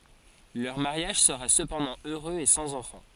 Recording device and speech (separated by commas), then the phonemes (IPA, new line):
forehead accelerometer, read sentence
lœʁ maʁjaʒ səʁa səpɑ̃dɑ̃ øʁøz e sɑ̃z ɑ̃fɑ̃